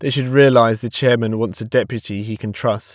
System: none